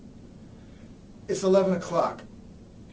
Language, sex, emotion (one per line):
English
male
neutral